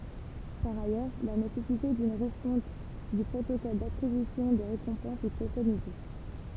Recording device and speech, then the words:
temple vibration pickup, read sentence
Par ailleurs, la nécessité d'une refonte du protocole d'attribution des récompenses est préconisée.

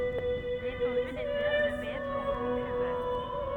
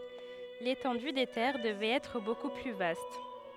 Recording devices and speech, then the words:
rigid in-ear microphone, headset microphone, read sentence
L'étendue des terres devait être beaucoup plus vaste.

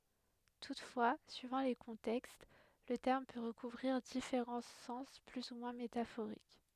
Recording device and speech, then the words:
headset microphone, read sentence
Toutefois, suivant les contextes, le terme peut recouvrir différents sens plus ou moins métaphoriques.

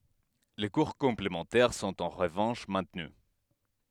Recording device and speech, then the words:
headset microphone, read sentence
Les cours complémentaires sont en revanche maintenus.

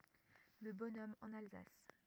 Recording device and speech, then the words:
rigid in-ear microphone, read sentence
Le bonhomme en Alsace.

